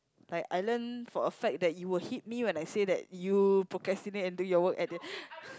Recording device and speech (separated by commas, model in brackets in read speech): close-talking microphone, conversation in the same room